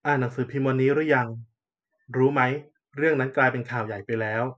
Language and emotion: Thai, neutral